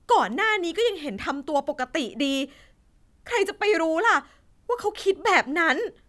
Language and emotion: Thai, frustrated